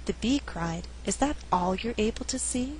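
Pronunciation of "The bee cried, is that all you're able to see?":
In 'is that all you're able to see?', the word 'all' is emphasized.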